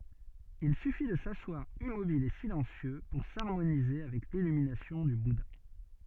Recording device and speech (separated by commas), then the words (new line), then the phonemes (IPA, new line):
soft in-ear microphone, read sentence
Il suffit de s’asseoir immobile et silencieux pour s'harmoniser avec l'illumination du Bouddha.
il syfi də saswaʁ immobil e silɑ̃sjø puʁ saʁmonize avɛk lilyminasjɔ̃ dy buda